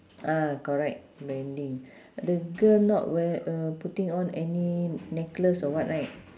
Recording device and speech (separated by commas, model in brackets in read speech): standing microphone, conversation in separate rooms